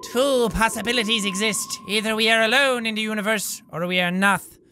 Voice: in strange voice